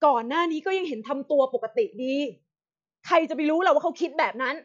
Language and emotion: Thai, angry